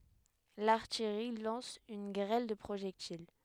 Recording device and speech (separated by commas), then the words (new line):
headset microphone, read sentence
L’artillerie lance une grêle de projectiles.